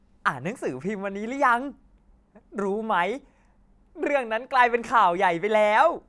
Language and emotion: Thai, happy